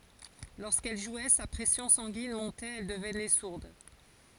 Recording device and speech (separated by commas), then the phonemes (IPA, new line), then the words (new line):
forehead accelerometer, read sentence
loʁskɛl ʒwɛ sa pʁɛsjɔ̃ sɑ̃ɡin mɔ̃tɛt ɛl dəvnɛ suʁd
Lorsqu'elle jouait, sa pression sanguine montait, elle devenait sourde.